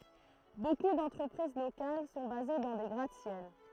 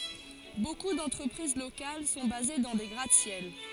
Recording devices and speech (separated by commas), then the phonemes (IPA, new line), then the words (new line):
throat microphone, forehead accelerometer, read sentence
boku dɑ̃tʁəpʁiz lokal sɔ̃ baze dɑ̃ de ɡʁat sjɛl
Beaucoup d'entreprises locales sont basés dans des gratte-ciel.